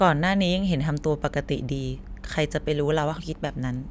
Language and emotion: Thai, neutral